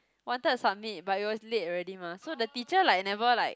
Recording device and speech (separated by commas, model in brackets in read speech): close-talking microphone, conversation in the same room